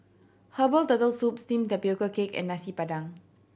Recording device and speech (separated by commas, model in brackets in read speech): boundary microphone (BM630), read sentence